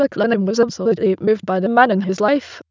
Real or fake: fake